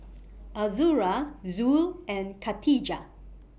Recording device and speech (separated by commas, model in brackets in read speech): boundary microphone (BM630), read sentence